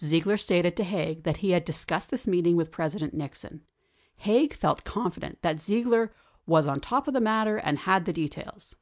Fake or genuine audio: genuine